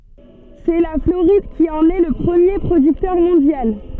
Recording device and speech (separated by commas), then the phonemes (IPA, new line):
soft in-ear microphone, read sentence
sɛ la floʁid ki ɑ̃n ɛ lə pʁəmje pʁodyktœʁ mɔ̃djal